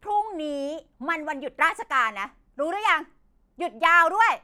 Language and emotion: Thai, angry